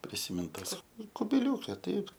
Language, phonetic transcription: Lithuanian, prisiˈmint ˈtas kubiˈliūke ˈtaip

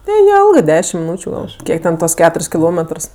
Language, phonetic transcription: Lithuanian, neˈjelgɜ ˈdešim miˈnūčiu ˈgal ˈkiek ten ˈtuos ˈketur's' kiˈlometrs

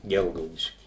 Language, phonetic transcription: Lithuanian, ˈgelgaudišky

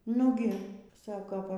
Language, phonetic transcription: Lithuanian, ˈnugi ˈsako ˈva

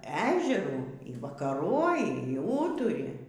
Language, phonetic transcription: Lithuanian, ˈežerų y vakaˈroji y ˈūturi

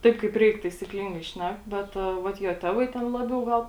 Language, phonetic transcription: Lithuanian, ˈtaip kaip ˈreik taisykˈlingai ˈšnek ˈbet ˈvat jo ˈtevai ˈten ˈlabiau ˈgal

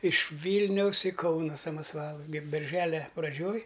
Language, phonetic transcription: Lithuanian, iš ˈvylniaus į ˈkauna samasˈvalu ge berˈželia praˈdžioj

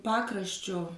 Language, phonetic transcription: Lithuanian, ˈpakraščio

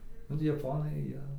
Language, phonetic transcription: Lithuanian, ˈnu tai jaˈponai ˈjie

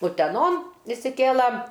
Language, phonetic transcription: Lithuanian, uteˈnon išsiˈkėla

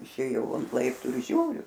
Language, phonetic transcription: Lithuanian, išˈėjau ant ˈlaiptų ir ˈžiūriu

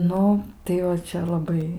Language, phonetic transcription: Lithuanian, ˈnu tai va ˈčia laˈbai

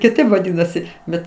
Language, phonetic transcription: Lithuanian, kiˈtaip vaˈdinasi ˈbet

